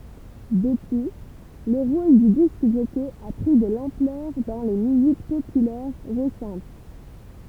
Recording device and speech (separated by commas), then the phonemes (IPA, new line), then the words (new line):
temple vibration pickup, read sentence
dəpyi lə ʁol dy disk ʒɔkɛ a pʁi də lɑ̃plœʁ dɑ̃ le myzik popylɛʁ ʁesɑ̃t
Depuis, le rôle du disc-jockey a pris de l'ampleur dans les musiques populaires récentes.